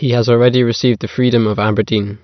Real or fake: real